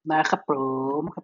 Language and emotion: Thai, happy